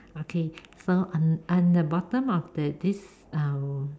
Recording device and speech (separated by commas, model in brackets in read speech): standing microphone, conversation in separate rooms